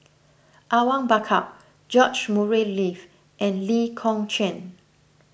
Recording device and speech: boundary microphone (BM630), read sentence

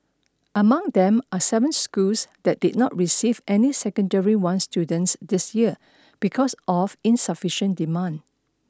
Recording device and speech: standing microphone (AKG C214), read sentence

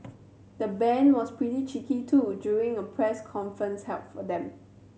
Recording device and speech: mobile phone (Samsung C7100), read sentence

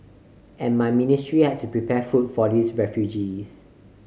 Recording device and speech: mobile phone (Samsung C5010), read sentence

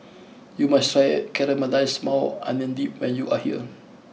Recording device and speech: mobile phone (iPhone 6), read sentence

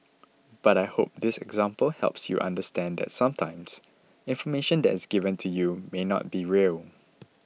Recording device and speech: mobile phone (iPhone 6), read sentence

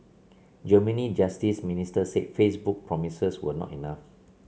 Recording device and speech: mobile phone (Samsung C7), read sentence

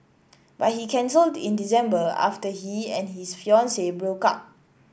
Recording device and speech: boundary microphone (BM630), read sentence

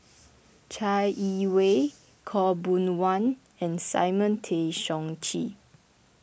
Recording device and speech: boundary microphone (BM630), read sentence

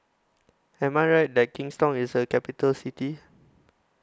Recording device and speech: close-talking microphone (WH20), read sentence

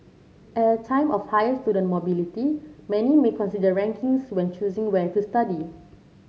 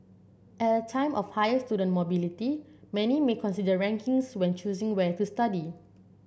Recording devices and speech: mobile phone (Samsung C7), boundary microphone (BM630), read sentence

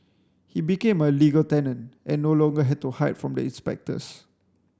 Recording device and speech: standing microphone (AKG C214), read sentence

